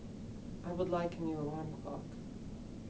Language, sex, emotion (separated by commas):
English, male, neutral